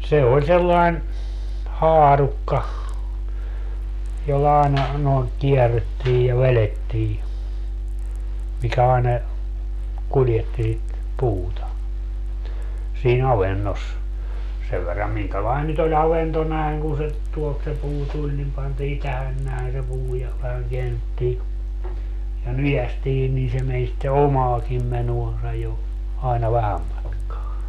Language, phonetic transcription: Finnish, se oĺ sellain , "haarukka , jolla aena , noiŋ 'kiɛrrettiij ja 'velettii , 'mikä aena , 'kuljetti sit , 'puuta , sii'n ‿avennos , 'sev verram 'miŋkälain nyt ‿oĺ 'avento 'näeŋ kun se , tuolt se 'puu 'tuĺ nim pantii "tähän näen se 'puu ja , vähäŋ 'keännettii , ja "nyjästii nii se meń sitte "omaakiim 'menoansa jo , ai̮na 'vähäm matkaa .
- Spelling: se oli sellainen haarukka jolla aina noin kierrettiin ja vedettiin mikä aina kuljetti sitä puuta siinä avannossa sen verran minkälainen nyt oli avanto näin kun se tuolta se puu tuli niin pantiin tähän näin se puu ja vähän käännettiin ja nykäistiin niin se meni sitten omaakin menoansa jo aina vähän matkaa

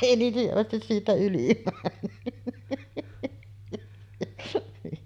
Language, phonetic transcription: Finnish, 'èi niin hyvästis siitä 'yli männy .
- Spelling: ei niin hyvästi siitä yli mennyt

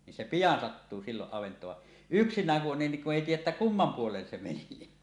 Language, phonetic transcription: Finnish, nin se "pijan 'sattuu 'siiloˀ 'ˀavent̀oov va , "yksiǹääŋ ku 'on niŋ kuˀ 'ˀèi "tiij̆jäˀ 'ˀettä "kummam 'puolen se meni .
- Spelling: niin se pian sattuu silloin avantoon vaan yksinään kun on niin kun ei tiedä että kumman puolen se meni

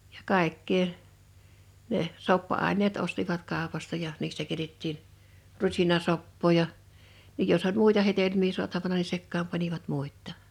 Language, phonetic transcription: Finnish, ᴊᴀ 'kàḙkkee , neʰ , 'soppa₍àiǹeet 'ostivat 'kàopasta ja , 'niistä keⁱtettiin , 'rusinasoppoo ja , ja jos oĺ "muita hetelm̀ii 'suatavana ni 'sekkaam panivat 'muit̆ta̳ .
- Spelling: ja kaikkea ne soppa-aineet ostivat kaupasta ja niistä keitettiin rusinasoppaa ja ja jos oli muita hedelmiä saatavana niin sekaan panivat muitakin

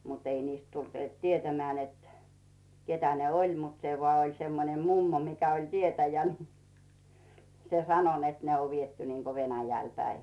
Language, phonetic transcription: Finnish, mut ‿ei niist 'tult "tietämeä̀ net , 'ketä ne "oĺ mut 'se voà oĺ 'semmonem "mummo mikä oĺ 'tietäjä ni , 'se "sano net 'ne o "viettu niiko 'Venäjäl päi .
- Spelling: mutta ei niistä tullut tietämään että ketä ne oli mutta se vain oli semmoinen mummo mikä oli tietäjä niin se sanoi että ne on viety niin kuin Venäjälle päin

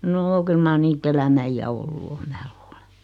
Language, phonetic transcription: Finnish, 'noo kyl mar 'nii't ‿elämä iʲä 'ollu o 'mä luule .
- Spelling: no kyllä mar niitä elämän iän ollut on minä luulen

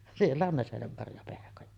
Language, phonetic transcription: Finnish, 'siellä on 'näsenemmarjapehkoja .
- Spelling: siellä on näsenenmarjapehkoja

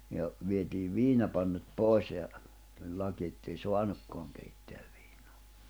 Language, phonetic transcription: Finnish, ja , viet́iiv 'viinapannut 'pòi̬s ja , tuĺ laki ettei 'soanukkoaŋ keitteäv ᴠɪɪɴᴏᴀ .
- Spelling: ja vietiin viinapannut pois ja tuli laki että ei saanutkaan keittää viinaa

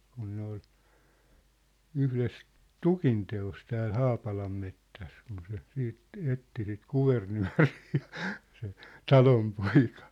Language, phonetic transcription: Finnish, kun ne ‿ol , 'yhles , "tukinte₍os tääl "Haapalammettäs kun se , 'siit , 'etti sit "Kuvernyä̭rɪɪ , se , "Talompoika .
- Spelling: kun ne oli yhdessä tukinteossa täällä Haapalanmetsässä kun se sitten etsi sitä Kuvernööriä se Talonpoika

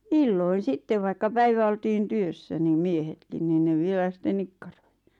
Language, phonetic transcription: Finnish, illoin 'sittev vaikka 'päivä oltiin "työssä nim "miehetkin nin ne 'vielä sⁱt̆ten "nikkᴀʀᴏɪ .
- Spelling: illoin sitten vaikka päivä oltiin työssä niin miehetkin niin ne vielä sitten nikkaroi

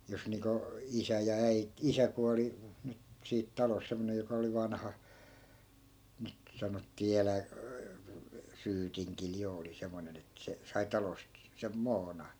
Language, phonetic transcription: Finnish, 'jos niiŋko , 'isä ja 'äi- , "isä kuali , 'nyt siit 'talos 'semmonej joka oli 'vanha , nyt , 'sanottii "elä- , "syytiŋkil 'jo oli 'semmonen ‿et 'se , sai 'talost , sem "moona .
- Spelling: jos niin kuin isä ja - isä kuoli nyt siitä talosta semmoinen joka oli vanha nyt sanottiin - syytingillä jo oli semmoinen että se sai talosta sen muonan

